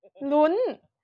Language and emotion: Thai, happy